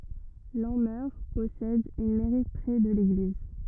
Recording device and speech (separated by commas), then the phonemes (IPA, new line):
rigid in-ear microphone, read sentence
lɑ̃mœʁ pɔsɛd yn mɛʁi pʁɛ də leɡliz